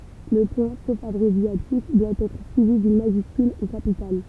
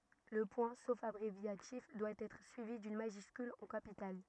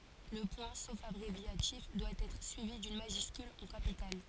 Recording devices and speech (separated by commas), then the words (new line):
temple vibration pickup, rigid in-ear microphone, forehead accelerometer, read sentence
Le point, sauf abréviatif, doit être suivi d'une majuscule en capitale.